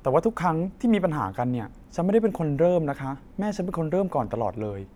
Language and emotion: Thai, frustrated